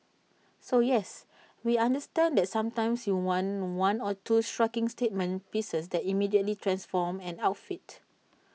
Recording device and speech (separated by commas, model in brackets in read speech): mobile phone (iPhone 6), read sentence